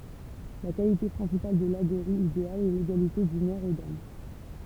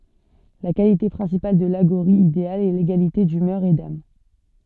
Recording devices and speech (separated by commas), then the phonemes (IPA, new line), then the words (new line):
temple vibration pickup, soft in-ear microphone, read sentence
la kalite pʁɛ̃sipal də laɡoʁi ideal ɛ leɡalite dymœʁ e dam
La qualité principale de l'aghori idéal est l’égalité d'humeur et d'âme.